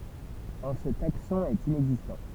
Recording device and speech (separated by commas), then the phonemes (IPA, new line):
temple vibration pickup, read sentence
ɑ̃ sə taksɔ̃ ɛt inɛɡzistɑ̃